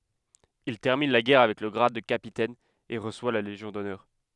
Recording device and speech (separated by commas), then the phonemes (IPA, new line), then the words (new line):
headset microphone, read sentence
il tɛʁmin la ɡɛʁ avɛk lə ɡʁad də kapitɛn e ʁəswa la leʒjɔ̃ dɔnœʁ
Il termine la guerre avec le grade de capitaine et reçoit la Légion d'honneur.